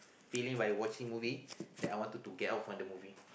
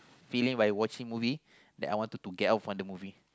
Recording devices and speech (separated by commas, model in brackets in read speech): boundary microphone, close-talking microphone, conversation in the same room